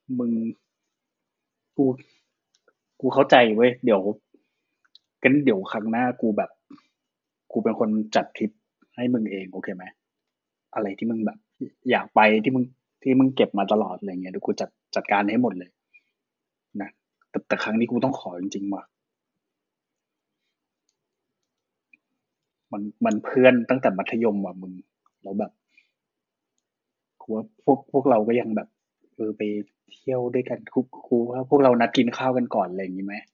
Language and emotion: Thai, frustrated